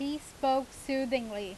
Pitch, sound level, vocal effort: 265 Hz, 90 dB SPL, loud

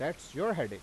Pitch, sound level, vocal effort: 160 Hz, 93 dB SPL, loud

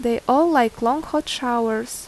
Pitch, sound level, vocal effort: 245 Hz, 82 dB SPL, normal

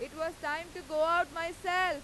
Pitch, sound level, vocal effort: 335 Hz, 102 dB SPL, very loud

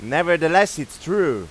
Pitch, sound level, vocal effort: 165 Hz, 100 dB SPL, very loud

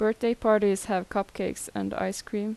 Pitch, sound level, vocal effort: 210 Hz, 83 dB SPL, normal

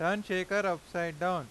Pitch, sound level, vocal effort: 180 Hz, 96 dB SPL, loud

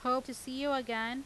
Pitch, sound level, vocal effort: 255 Hz, 92 dB SPL, loud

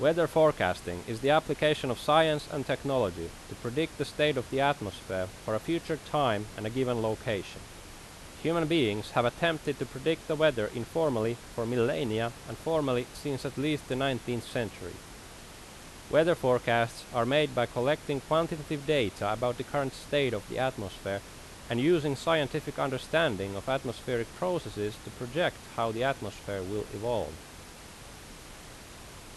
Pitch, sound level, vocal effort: 125 Hz, 88 dB SPL, loud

